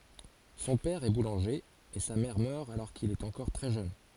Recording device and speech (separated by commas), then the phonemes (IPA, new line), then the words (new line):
forehead accelerometer, read sentence
sɔ̃ pɛʁ ɛ bulɑ̃ʒe e sa mɛʁ mœʁ alɔʁ kil ɛt ɑ̃kɔʁ tʁɛ ʒøn
Son père est boulanger, et sa mère meurt alors qu'il est encore très jeune.